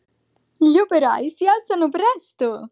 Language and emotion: Italian, happy